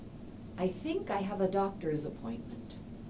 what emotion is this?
neutral